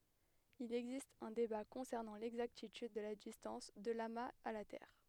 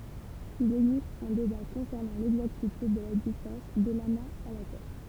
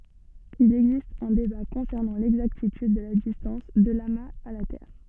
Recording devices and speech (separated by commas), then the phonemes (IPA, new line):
headset microphone, temple vibration pickup, soft in-ear microphone, read sentence
il ɛɡzist œ̃ deba kɔ̃sɛʁnɑ̃ lɛɡzaktityd də la distɑ̃s də lamaz a la tɛʁ